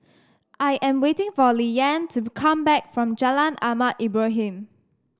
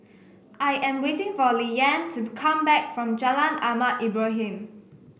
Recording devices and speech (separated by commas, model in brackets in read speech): standing microphone (AKG C214), boundary microphone (BM630), read sentence